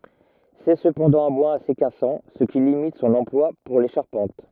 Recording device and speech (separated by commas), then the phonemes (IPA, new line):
rigid in-ear microphone, read sentence
sɛ səpɑ̃dɑ̃ œ̃ bwaz ase kasɑ̃ sə ki limit sɔ̃n ɑ̃plwa puʁ le ʃaʁpɑ̃t